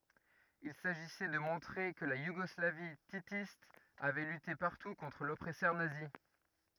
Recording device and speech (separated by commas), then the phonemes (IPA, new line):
rigid in-ear microphone, read sentence
il saʒisɛ də mɔ̃tʁe kə la juɡɔslavi titist avɛ lyte paʁtu kɔ̃tʁ lɔpʁɛsœʁ nazi